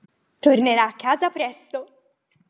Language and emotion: Italian, happy